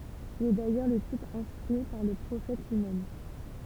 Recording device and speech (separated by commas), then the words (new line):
temple vibration pickup, read sentence
Il est d’ailleurs le type instruit par le Prophète lui-même.